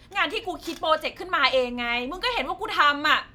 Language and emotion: Thai, angry